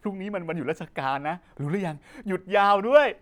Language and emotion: Thai, happy